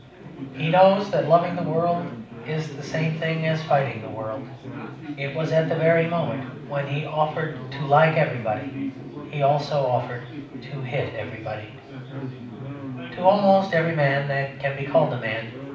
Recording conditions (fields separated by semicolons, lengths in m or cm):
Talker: one person; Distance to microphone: 5.8 m; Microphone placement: far; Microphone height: 1.8 m; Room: medium-sized (5.7 m by 4.0 m); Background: babble